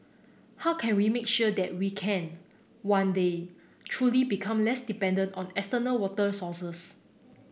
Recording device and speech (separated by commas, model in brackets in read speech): boundary microphone (BM630), read sentence